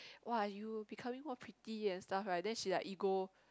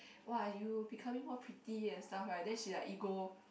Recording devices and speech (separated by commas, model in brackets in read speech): close-talking microphone, boundary microphone, conversation in the same room